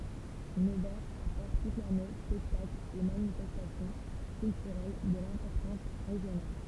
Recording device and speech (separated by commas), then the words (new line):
temple vibration pickup, read sentence
Nevers apporte toute l'année spectacles et manifestations culturelles de l'importance régionale.